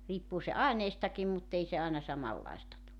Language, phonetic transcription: Finnish, 'riippuu se "aineistakim muttei se àena 'samallaista tu .
- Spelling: riippuu se aineistakin mutta ei se aina samanlaista tule

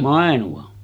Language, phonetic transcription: Finnish, 'Màenu₍an .
- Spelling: Mainuan

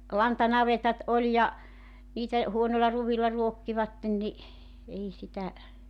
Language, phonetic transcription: Finnish, 'lantanavetat 'oĺ ja , 'niitä , 'huonolla 'ruvilla 'ruokkivatten ni , 'ei 'sitä ,.
- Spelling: lantanavetat oli ja niitä huonoilla ruoilla ruokkivat niin ei sitä

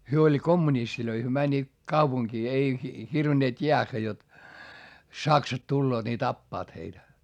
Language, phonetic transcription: Finnish, hyö oĺ kommunistilöi hyö mäńńiit , kaupuŋkii ei , hirvinneet jeäχχä jot , saksat tulloot ni tappaat heitä .
- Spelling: he oli kommunisteja he menivät kaupunkiin ei hirvenneet jäädä jotta saksat tulevat niin tappavat heitä

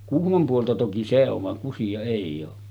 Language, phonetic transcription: Finnish, 'Kuhmom puolta toki "se ov vaŋ 'Kusija èij̆j ‿oo .
- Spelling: Kuhmon puolta toki se on vaan Kusia ei ole

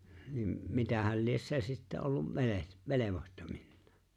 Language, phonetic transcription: Finnish, nim , 'mitähäl lies 'se sitte ollum , ("veleh- , "velevohtominnᴀᴀ) .
- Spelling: niin mitähän lie se sitten ollut - velvohtovinaan

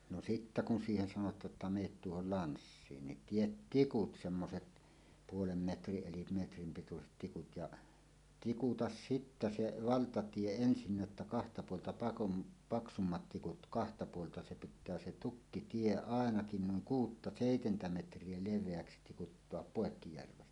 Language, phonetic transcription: Finnish, no 'sittä kun siihen sanot̀aa’ ’että » ’meet "tuohol "lanssiin « nin "tiet "tikut 'semmoset , 'puolem 'metriˀ ˀelim 'metrim pituset tikut jaˀ , "tikutas "sittä 'se "valtatie 'ensinnä ᵉttä kahta puolta pakum- , "paksummat 'tikut "kahta 'puolta se pit̆tää 'se "tukkitie "àenakin nuiŋ "kuutta "sèitentä 'metr̀ie 'lev̆veäksi tikuttoap "pòekkijärven .
- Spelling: no sitten kun siihen sanotaan että menette tuohon lanssiin niin tee tikut semmoiset puoli metriä eli metrin pituiset tikut ja tikuta sitten se valtatie ensinnä että kahta puolta - paksummat tikut kahta puolta se pitää se tukkitie ainakin noin kuutta seitsemän metriä leveäksi tikuttaa poikki järven

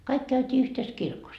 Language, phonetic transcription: Finnish, 'kaik käyt́ii yhtes 'kirkos .
- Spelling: kaikki käytiin yhdessä kirkossa

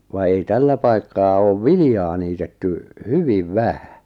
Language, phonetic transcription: Finnish, va ei "tällä paikkaa 'oov "vilⁱjaa niitetty , "hyviv "vähᴀ̈ .
- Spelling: vaan ei tällä paikkaa ole viljaa niitetty hyvin vähän

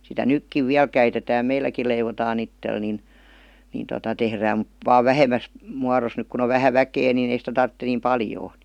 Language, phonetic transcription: Finnish, sitä "nykkiv 'viäl käitetää "meilläkil̆ leivotaa'n ‿ittel nin , nin tota 'tehrääm mut , vaa "vähemäs , muaros , 'nyk kun ‿o 'vähä "väkee nin ‿ei sitä 'tartte niim "paljoo .
- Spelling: sitä nytkin vielä käytetään meilläkin leivotaan itselle niin niin tuota tehdään mutta vain vähemmässä muodossa nyt kun on vähän väkeä niin ei sitä tarvitse niin paljoa

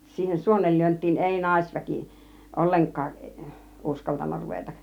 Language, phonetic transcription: Finnish, 'siihen "suonellyönt̆tiin 'èi "naisväki , "olleŋk̆kaaˀ , 'ˀuskaltanna 'ruvetak .
- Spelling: siihen suonenlyöntiin ei naisväki ollenkaan uskaltanut ruveta

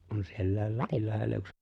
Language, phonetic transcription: Finnish, kun siellä̀i̬l 'Lapillahella yks - - .
- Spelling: kun sielläkin Lapinlahdella yksi

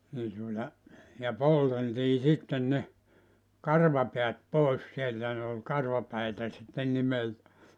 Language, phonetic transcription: Finnish, nii tuota , ja "polteltii 'sitten ne , "karvapeät "pòes sieltä ne ol 'karvapäitä sitten 'nimeltä .
- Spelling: niin tuota ja polteltiin sitten ne karvapäät pois sieltä ne oli karvapäitä sitten nimeltä

